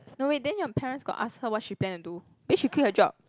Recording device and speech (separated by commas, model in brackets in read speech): close-talking microphone, conversation in the same room